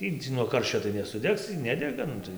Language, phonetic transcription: Lithuanian, ˈtį nuo ˈkarščio tai nesuˈdegs y ˈnedega ˈnu tai

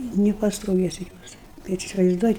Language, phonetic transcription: Lithuanian, nipastoˈvėsi ˈjuos bet isivaizˈduoji

